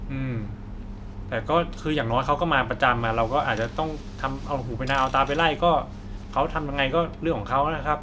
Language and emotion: Thai, neutral